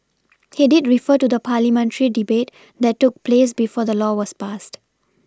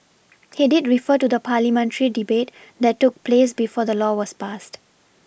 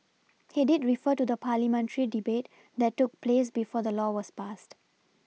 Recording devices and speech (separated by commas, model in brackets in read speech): standing microphone (AKG C214), boundary microphone (BM630), mobile phone (iPhone 6), read sentence